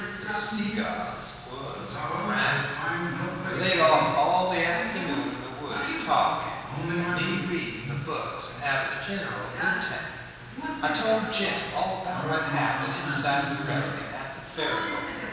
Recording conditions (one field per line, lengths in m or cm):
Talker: one person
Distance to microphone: 1.7 m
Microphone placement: close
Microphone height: 1.0 m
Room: very reverberant, large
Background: television